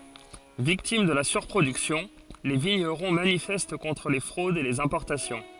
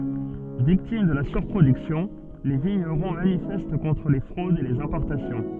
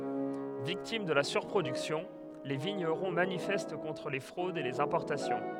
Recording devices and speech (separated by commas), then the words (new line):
forehead accelerometer, soft in-ear microphone, headset microphone, read sentence
Victimes de la surproduction, les vignerons manifestent contre les fraudes et les importations.